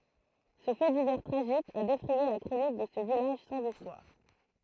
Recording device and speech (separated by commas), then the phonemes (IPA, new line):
throat microphone, read sentence
sə fɛ divɛʁ tʁaʒik a defʁɛje la kʁonik də sə vilaʒ sɑ̃z istwaʁ